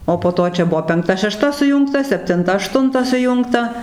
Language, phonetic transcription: Lithuanian, o po ˈto čia ˈbuvo penkˈta šeˈšta suˈjūngta septinˈta aˈštunta suˈjungta

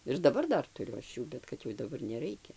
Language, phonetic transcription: Lithuanian, ir daˈbar ˈdar tuˈriu ˈaš ˈjų bet ˈkad jau daˈbar neˈraikia

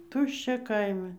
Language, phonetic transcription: Lithuanian, ˈtuščia ˈkaime

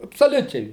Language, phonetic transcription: Lithuanian, absoˈliučiai

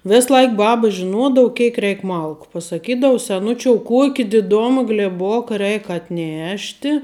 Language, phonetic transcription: Lithuanian, ˈvis ˈlaik ˈbaba žiˈnuodavu ˈkeik ˈreik ˈmalku pasaˈkydau seˈnučiou ˈkuoki diˈdoma glėˈboka ˈreik atˈnešti

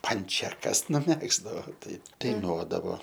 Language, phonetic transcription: Lithuanian, ˈpančekas nuˈmegzdavo ˈtai daiˈnuodavo

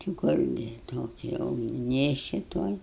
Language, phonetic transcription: Lithuanian, ti ˈkurgi ˈtoki ˈjau gi ˈnėšči ˈtuoj

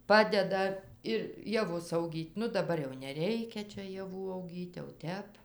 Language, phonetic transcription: Lithuanian, ˈpadeda ir jaˈvus auˈgyt' ˈnu daˈbar jau neˈreikia ˈčia jaˈvų auˈgyt' jau ˈtep

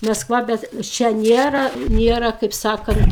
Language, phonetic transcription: Lithuanian, masˈkva ˈbet ˈčia ˈnėra ˈnėra kaip ˈsakant

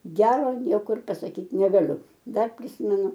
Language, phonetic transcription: Lithuanian, ˈgero ˈniekur ir pasaˈkyt negaˈliu ˈdar priˈsimenu

